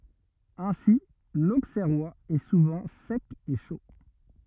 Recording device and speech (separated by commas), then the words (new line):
rigid in-ear microphone, read sentence
Ainsi, l'Auxerrois est souvent sec et chaud.